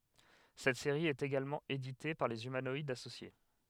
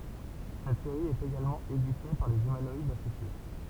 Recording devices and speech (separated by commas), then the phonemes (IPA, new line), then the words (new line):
headset microphone, temple vibration pickup, read sentence
sɛt seʁi ɛt eɡalmɑ̃ edite paʁ lez ymanɔidz asosje
Cette série est également éditée par les Humanoïdes Associés.